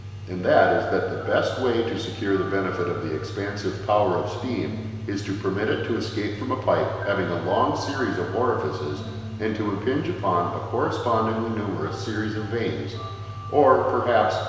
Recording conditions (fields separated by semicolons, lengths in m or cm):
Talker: one person; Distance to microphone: 1.7 m; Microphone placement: close; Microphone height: 1.0 m; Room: very reverberant, large; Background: music